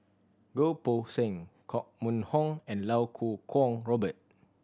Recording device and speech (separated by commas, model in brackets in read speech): standing microphone (AKG C214), read sentence